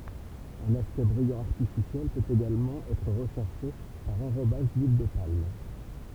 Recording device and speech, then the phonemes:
temple vibration pickup, read sentence
œ̃n aspɛkt bʁijɑ̃ aʁtifisjɛl pøt eɡalmɑ̃ ɛtʁ ʁəʃɛʁʃe paʁ ɑ̃ʁobaʒ dyil də palm

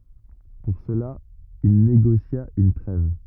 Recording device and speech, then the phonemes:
rigid in-ear microphone, read sentence
puʁ səla il neɡosja yn tʁɛv

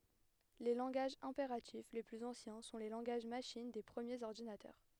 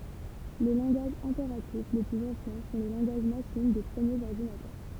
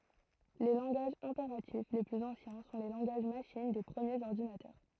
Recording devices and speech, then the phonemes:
headset microphone, temple vibration pickup, throat microphone, read sentence
le lɑ̃ɡaʒz ɛ̃peʁatif le plyz ɑ̃sjɛ̃ sɔ̃ le lɑ̃ɡaʒ maʃin de pʁəmjez ɔʁdinatœʁ

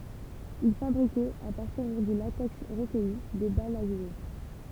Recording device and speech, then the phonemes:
temple vibration pickup, read sentence
il fabʁikɛt a paʁtiʁ dy latɛks ʁəkœji de balz a ʒwe

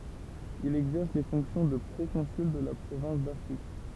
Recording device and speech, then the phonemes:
temple vibration pickup, read sentence
il ɛɡzɛʁs le fɔ̃ksjɔ̃ də pʁokɔ̃syl də la pʁovɛ̃s dafʁik

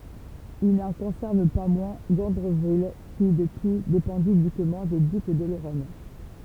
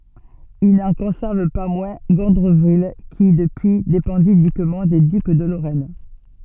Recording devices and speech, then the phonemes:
temple vibration pickup, soft in-ear microphone, read sentence
il nɑ̃ kɔ̃sɛʁv pa mwɛ̃ ɡɔ̃dʁəvil ki dəpyi depɑ̃di ynikmɑ̃ de dyk də loʁɛn

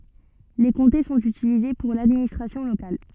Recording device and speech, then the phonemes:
soft in-ear microphone, read sentence
le kɔ̃te sɔ̃t ytilize puʁ ladministʁasjɔ̃ lokal

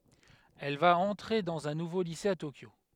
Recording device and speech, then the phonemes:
headset microphone, read sentence
ɛl va ɑ̃tʁe dɑ̃z œ̃ nuvo lise a tokjo

